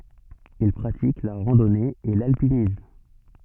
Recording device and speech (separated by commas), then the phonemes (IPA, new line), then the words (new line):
soft in-ear microphone, read sentence
il pʁatik la ʁɑ̃dɔne e lalpinism
Il pratique la randonnée et l'alpinisme.